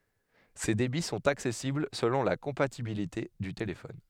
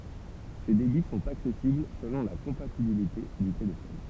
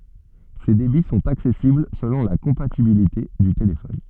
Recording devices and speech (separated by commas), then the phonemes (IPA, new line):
headset microphone, temple vibration pickup, soft in-ear microphone, read sentence
se debi sɔ̃t aksɛsibl səlɔ̃ la kɔ̃patibilite dy telefɔn